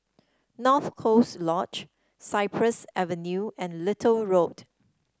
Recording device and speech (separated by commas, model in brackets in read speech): standing microphone (AKG C214), read sentence